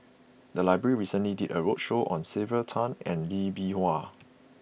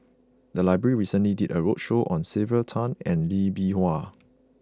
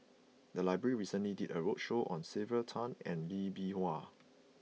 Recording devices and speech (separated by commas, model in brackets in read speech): boundary microphone (BM630), close-talking microphone (WH20), mobile phone (iPhone 6), read sentence